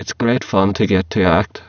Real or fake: fake